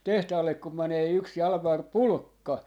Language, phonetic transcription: Finnish, 'tehtaallek kum 'mänee yks 'Jalᵃmar "Pulᵘkka .
- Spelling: tehtaalle kun menee yksi Jalmari Pulkka

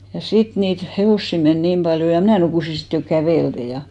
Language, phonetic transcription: Finnish, ja 'sit niit 'hevòssi men 'niim ʙaljo ja 'mnä̀ nukùsi 'sit jo "kävèlte ja .
- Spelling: ja sitten niitä hevosia meni niin paljon ja minä nukuin sitten jo kävellen ja

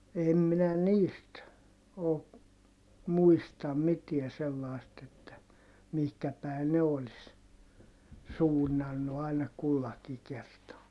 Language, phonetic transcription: Finnish, em minä niist , oo , muistam mitiä sellài̮st ‿että , mihkä päi̮ ne olis , suunnannu àina kullaki kertaa .
- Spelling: en minä niistä ole muista mitään sellaista että mihin päin ne olisi suunnannut aina kullakin kertaa

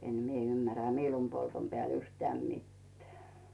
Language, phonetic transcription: Finnish, 'en̳ 'mie ymmärä 'miilumpoltom peä̀l yhteä̀m mitteᴀ̈ .
- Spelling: en minä ymmärrä miilunpolton päälle yhtään mitään

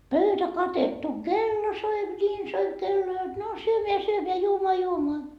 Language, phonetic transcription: Finnish, "pöytä 'katettu , "kello soip 'ńiin soip 'kello jot no , 'syömeä 'syömeä 'juomoa 'juomoa .
- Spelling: pöytä katettu kello soi niin soi kello jotta no syömään syömään juomaan juomaan

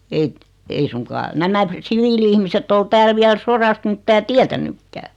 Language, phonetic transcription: Finnish, 'ei , 'ei suŋkaa , 'nämä "siviili₍ihmisett ‿ol 'tääl 'viäl "sorast 'mⁱttää "tiätänukkää .
- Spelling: ei ei suinkaan nämä siviili-ihmiset ole täällä vielä sodasta mitään tiennytkään

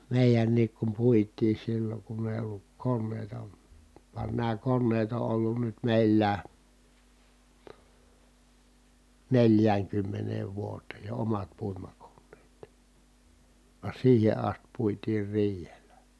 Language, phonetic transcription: Finnish, mèijänniik kum puit̆tii silloŋ kunn ‿èi olluk konnèi̮ta , van nää konneet o ʼollun nyt mèillää , neljääŋkymmeneev vuoteej jo omat puimakonneet , va siihe ast puitiir riihelä .
- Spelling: meidänkin kun puitiin silloin kun ei ollut koneita vaan nämä koneet on ollut nyt meillä neljäänkymmeneen vuoteen jo omat puimakoneet vaan siihen asti puitiin riihellä

